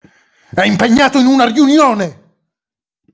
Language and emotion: Italian, angry